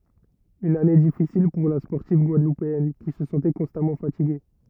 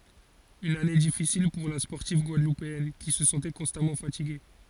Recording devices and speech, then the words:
rigid in-ear microphone, forehead accelerometer, read sentence
Une année difficile pour la sportive guadeloupéenne, qui se sentait constamment fatiguée.

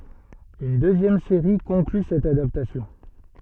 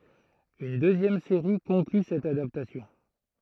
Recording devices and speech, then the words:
soft in-ear microphone, throat microphone, read sentence
Une deuxième série conclut cette adaptation.

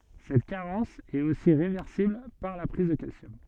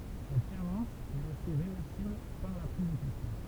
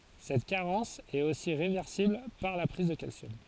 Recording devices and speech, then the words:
soft in-ear microphone, temple vibration pickup, forehead accelerometer, read sentence
Cette carence est aussi réversible par la prise de calcium.

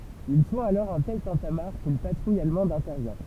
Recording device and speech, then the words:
temple vibration pickup, read sentence
Ils font alors un tel tintamarre qu'une patrouille allemande intervient.

